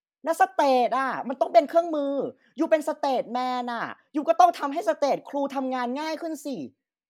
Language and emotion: Thai, angry